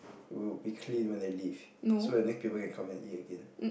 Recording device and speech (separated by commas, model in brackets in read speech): boundary microphone, conversation in the same room